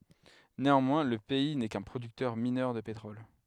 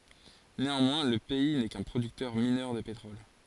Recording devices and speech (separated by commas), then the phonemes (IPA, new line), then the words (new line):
headset microphone, forehead accelerometer, read sentence
neɑ̃mwɛ̃ lə pɛi nɛ kœ̃ pʁodyktœʁ minœʁ də petʁɔl
Néanmoins, le pays n'est qu'un producteur mineur de pétrole.